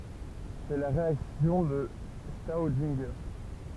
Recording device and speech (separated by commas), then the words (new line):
temple vibration pickup, read sentence
C'est la réaction de Staudinger.